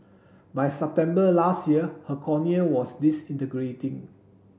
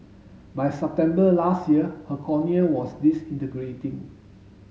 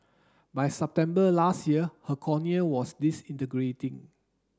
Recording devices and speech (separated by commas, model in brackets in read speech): boundary microphone (BM630), mobile phone (Samsung S8), standing microphone (AKG C214), read sentence